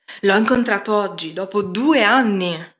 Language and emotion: Italian, surprised